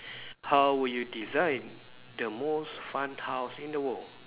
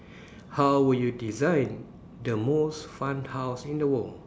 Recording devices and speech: telephone, standing microphone, conversation in separate rooms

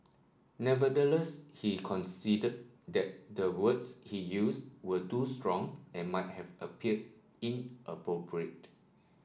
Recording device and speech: standing microphone (AKG C214), read sentence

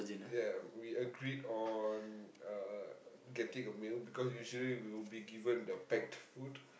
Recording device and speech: boundary microphone, conversation in the same room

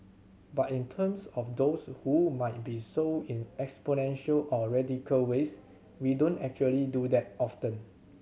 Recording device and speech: mobile phone (Samsung C7100), read sentence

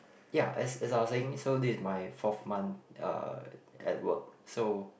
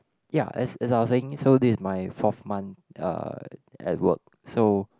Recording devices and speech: boundary microphone, close-talking microphone, conversation in the same room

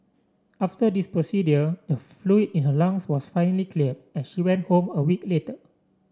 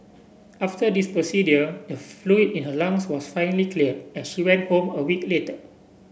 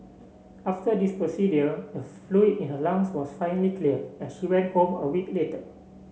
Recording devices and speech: standing microphone (AKG C214), boundary microphone (BM630), mobile phone (Samsung C7), read sentence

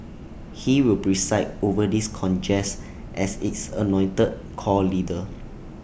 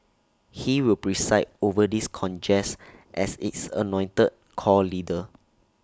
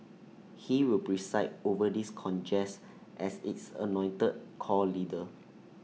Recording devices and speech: boundary microphone (BM630), standing microphone (AKG C214), mobile phone (iPhone 6), read sentence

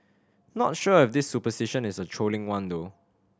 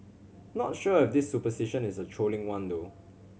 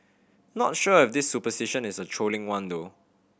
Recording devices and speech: standing microphone (AKG C214), mobile phone (Samsung C7100), boundary microphone (BM630), read sentence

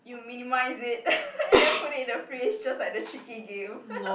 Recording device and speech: boundary microphone, conversation in the same room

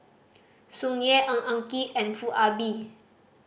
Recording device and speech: boundary microphone (BM630), read sentence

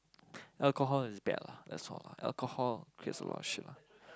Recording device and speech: close-talking microphone, conversation in the same room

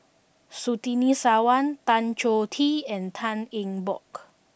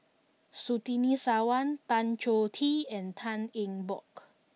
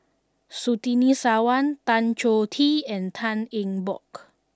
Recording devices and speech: boundary microphone (BM630), mobile phone (iPhone 6), standing microphone (AKG C214), read sentence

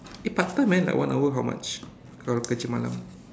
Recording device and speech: standing microphone, conversation in separate rooms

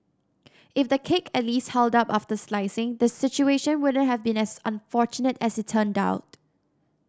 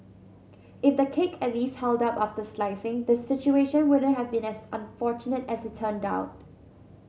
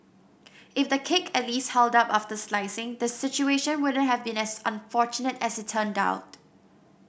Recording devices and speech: standing microphone (AKG C214), mobile phone (Samsung C7100), boundary microphone (BM630), read sentence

